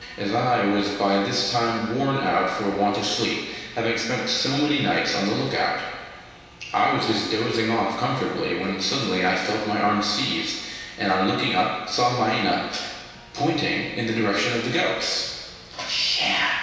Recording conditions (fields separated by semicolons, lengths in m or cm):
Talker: one person; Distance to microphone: 1.7 m; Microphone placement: close; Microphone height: 1.0 m; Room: very reverberant, large; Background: television